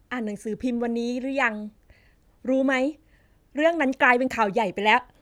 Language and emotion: Thai, neutral